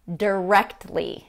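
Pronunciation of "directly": In 'directly', the T is dropped.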